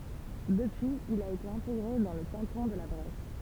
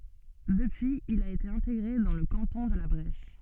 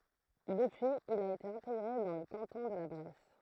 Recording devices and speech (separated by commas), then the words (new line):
temple vibration pickup, soft in-ear microphone, throat microphone, read sentence
Depuis, il a été intégré dans le canton de La Bresse.